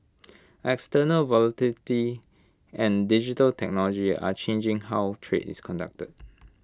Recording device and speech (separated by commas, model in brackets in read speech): close-talking microphone (WH20), read sentence